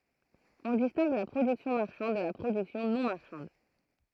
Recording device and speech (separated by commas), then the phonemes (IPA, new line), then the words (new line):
throat microphone, read sentence
ɔ̃ distɛ̃ɡ la pʁodyksjɔ̃ maʁʃɑ̃d də la pʁodyksjɔ̃ nɔ̃ maʁʃɑ̃d
On distingue la production marchande de la production non marchande.